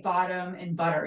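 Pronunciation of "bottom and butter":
In 'bottom' and 'butter', the t is said as a d sound. This is the North American way of saying them, not the London way.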